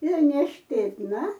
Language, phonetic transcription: Lithuanian, ir nešpėtˈna

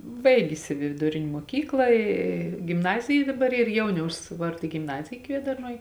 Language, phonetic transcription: Lithuanian, ˈbaigis i viduˈrin' muoˈkykla ˈy gimˈnazija daˈbar ˈyr ˈjauniaus ˈvarda gimˈnazija ˈkviedarnuoj

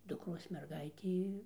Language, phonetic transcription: Lithuanian, dukˈros merˈgaitė

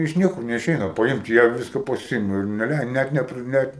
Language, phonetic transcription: Lithuanian, iš ˈniekur neiˈšeina paˈimt ˈjie ˈviska paˈsiima ir neˈlei ˈnet ˈnepri ˈnet

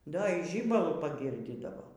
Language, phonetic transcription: Lithuanian, ˈda y ˈžybalu paˈgirdydavo

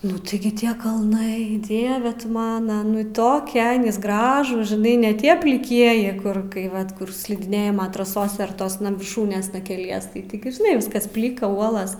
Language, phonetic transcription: Lithuanian, ˈnu tiˈgi ˈtie kalˈnai ˈdieve tu ˈmana ˈnu ˈtokia ˈgražūs žiˈnai ne ˈtie pliˈkieji ˈkur ˈkai ˈvat ˈkur slidiˈnėjimo traˈsose ar ˈtosna virˈšūnėsna keˈlies tai tiˈgi žiˈnai ˈviskas ˈplika ˈuolas

